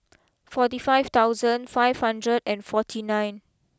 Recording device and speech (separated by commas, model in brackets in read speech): close-talking microphone (WH20), read sentence